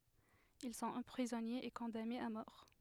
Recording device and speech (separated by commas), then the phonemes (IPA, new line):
headset microphone, read sentence
il sɔ̃t ɑ̃pʁizɔnez e kɔ̃danez a mɔʁ